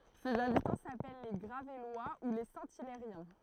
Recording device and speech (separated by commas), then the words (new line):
throat microphone, read sentence
Ses habitants s'appellent les Gravellois ou les Saint-Hilairiens.